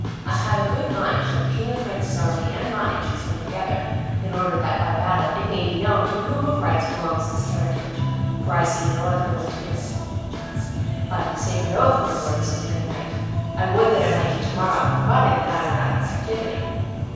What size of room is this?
A large and very echoey room.